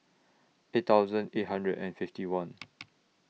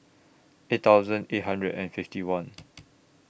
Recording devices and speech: mobile phone (iPhone 6), boundary microphone (BM630), read sentence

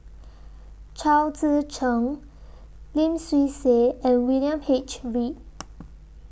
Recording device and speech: boundary microphone (BM630), read sentence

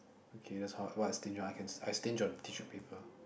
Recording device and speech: boundary microphone, conversation in the same room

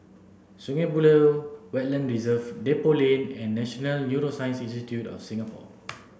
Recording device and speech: boundary microphone (BM630), read sentence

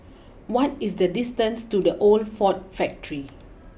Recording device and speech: boundary microphone (BM630), read sentence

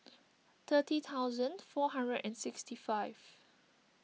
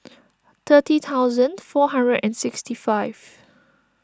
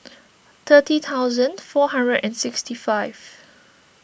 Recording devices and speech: mobile phone (iPhone 6), standing microphone (AKG C214), boundary microphone (BM630), read sentence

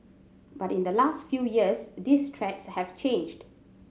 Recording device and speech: mobile phone (Samsung C7100), read sentence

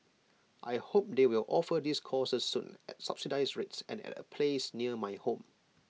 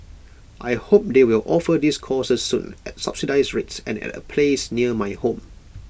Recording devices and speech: mobile phone (iPhone 6), boundary microphone (BM630), read sentence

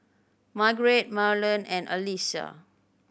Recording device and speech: boundary microphone (BM630), read sentence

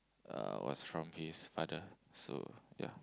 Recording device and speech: close-talking microphone, conversation in the same room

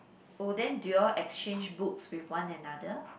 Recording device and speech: boundary microphone, conversation in the same room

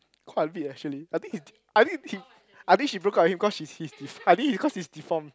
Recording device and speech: close-talking microphone, conversation in the same room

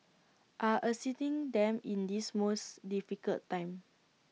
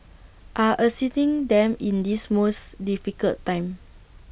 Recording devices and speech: mobile phone (iPhone 6), boundary microphone (BM630), read sentence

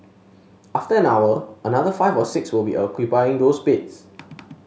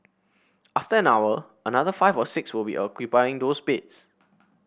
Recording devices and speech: mobile phone (Samsung S8), boundary microphone (BM630), read sentence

